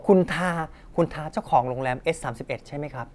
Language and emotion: Thai, neutral